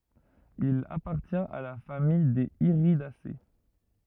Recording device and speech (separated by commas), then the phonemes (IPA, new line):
rigid in-ear microphone, read sentence
il apaʁtjɛ̃t a la famij dez iʁidase